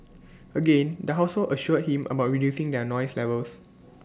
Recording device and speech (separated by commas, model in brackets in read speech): standing microphone (AKG C214), read sentence